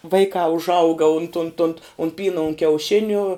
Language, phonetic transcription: Lithuanian, ˈvaikā užˈauga unt unt unt un ˈpyna un kiauˈšinių

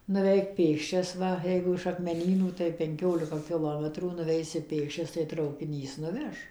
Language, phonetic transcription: Lithuanian, nuˈveik ˈpėksčias ˈva ˈjeigu iš akmeˈnynų tai penˈkiolika kiˈlometrų nuˈveisi ˈpėkščias tai traukiˈnys nuˈveš

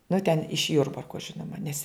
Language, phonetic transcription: Lithuanian, nu ten iš ˈjurbarko ˈžinoma nes

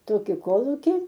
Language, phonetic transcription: Lithuanian, ˈtoki ˈkolūki

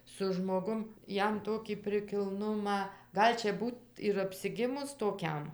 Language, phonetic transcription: Lithuanian, su žmoˈgum ˈjam ˈtokį prikilˈnumą ˈgal' čia ˈbūt ir apsiˈgimus toˈkiam

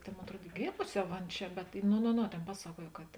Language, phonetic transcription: Lithuanian, tėn ˈmon atˈruod i ˈgėmusi ˈjau ˈan ˈčia bet no no ˈno ˈtėn ˈpasaˌkuoj kad

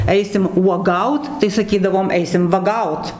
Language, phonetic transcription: Lithuanian, ˈeisim uoˈgaut tai saˈkydavom ˈeisim vaˈgaut

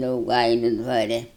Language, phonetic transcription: Lithuanian, dauˈgailiu dvaˈre

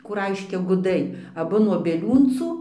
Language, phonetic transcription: Lithuanian, ˈkų ˈraiškia guˈdai aˈbu nuo bieˈliūncų

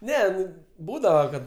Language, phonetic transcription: Lithuanian, ˈne ˈnu ˈbūdava kad

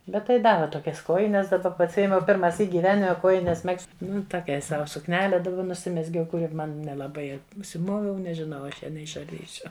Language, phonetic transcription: Lithuanian, ˈbet tai ˈdave toˈkias ˈkojines daˈba pasˈijemiau pirmaˈsyk gyˈvenime ˈkuojnes ˈmegzt ˈnu toˈkiai ˈsau sukˈnele dauˈgiau nuˈsimezgiau kuˈri ˈman nelaˈbai užsiˈmoviau nežiˈnau a ˈaš ˈja neišarˈdysiu

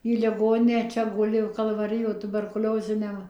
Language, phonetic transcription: Lithuanian, į liˈgoninę ˈčia ˈguli kalvaˈrijo tuberkuˈlioziniam

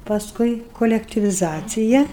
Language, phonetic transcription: Lithuanian, pasˈkui kolektiviˈzacija

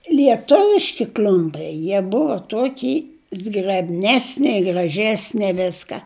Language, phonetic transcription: Lithuanian, lieˈtuviški ˈkl'umpiai ˈjie ˈbuva ˈtuoky zgrebˈnesne i graˈžesne ˈviska

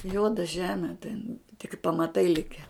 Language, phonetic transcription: Lithuanian, ˈjuoda ˈžeme ten tik pamaˈtai ˈlike

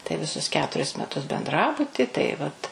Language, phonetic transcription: Lithuanian, tai viˈsus ˈketuris meˈtus benˈdrabuti tai ˈvat

